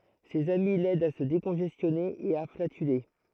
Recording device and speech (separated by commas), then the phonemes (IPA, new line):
throat microphone, read sentence
sez ami lɛdt a sə dekɔ̃ʒɛstjɔne e a flatyle